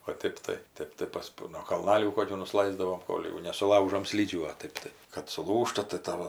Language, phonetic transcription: Lithuanian, o ˈtėp tai ˈtėp tai ˈpas nuo kalˈnalių ˈkokių nuˈslaisdavom ˈkol' jau nesuˈlaužom ˈslydžių o ˈtɜp tai kad suˈlūžta tai ˈtavo

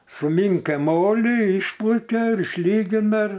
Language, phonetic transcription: Lithuanian, suˈmynkai ˈmolį ˈišplakia ir išˈlygina ir

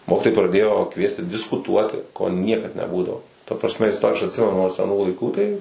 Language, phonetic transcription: Lithuanian, ˈmokitojai praˈdėjo ˈkviesti diskuˈtuoti ko ˈniekad neˈbūdavo ta prasˈme isˈto aš atˈsimenu nuo seˈnų laiˈkų tai

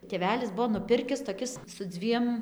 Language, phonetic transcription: Lithuanian, tėˈvelis ˈbuo nuˈpirkis toˈkis su ˈdzviem

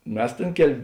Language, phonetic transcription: Lithuanian, ˈmes ˈtėn ˈkel'

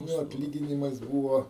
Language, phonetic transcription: Lithuanian, ˈnu atˈlyginimas ˈbūvo

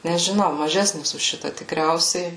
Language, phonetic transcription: Lithuanian, nežiˈnau maˈžesnis už ˈšita tikˈriausiai

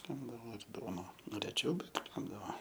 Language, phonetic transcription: Lithuanian, ˈkepdavo ir ˈduona ˈnu reˈčiau ˈbet ˈkepdavo

